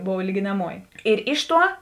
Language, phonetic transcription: Lithuanian, ˈbov lyginaˈmuoji ir ˈiš ˌtuo

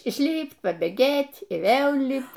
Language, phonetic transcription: Lithuanian, išˈlypt' pabėˈgėt' y ˈvėl ˈlypt

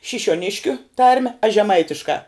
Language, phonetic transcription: Lithuanian, šišiuoˈniškiu ˈtarme aš žeˈmaitiškā

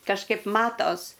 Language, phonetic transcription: Lithuanian, kažˈkaip ˈmatos

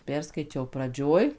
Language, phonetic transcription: Lithuanian, ˈperskaičiau praˈdžioj

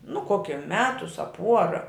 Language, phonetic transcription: Lithuanian, nu ˈkokia ˈmetus a ˈpuora

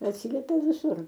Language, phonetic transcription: Lithuanian, atˈsylepia viˈsur

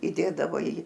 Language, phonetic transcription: Lithuanian, įˈdėdavo į

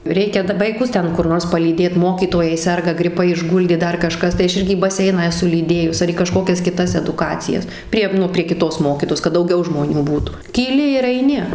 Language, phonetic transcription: Lithuanian, ˈreikia da vaiˈkus ˈten kur ˈnors palyˈdėt ˈmokytojai ˈserga griˈpai išˈguldė ˈdar kaˈžkas tai ˈaš ˈirgi į baˈseiną eˈsu lyˈdėjus ar į kaˈžkokias kiˈtas eduˈkacijas ˈprie nu prie kiˈtos ˈmokytojos kad dauˈgiau žmoˈnių ˈbūtų kyˈli ir aiˈni

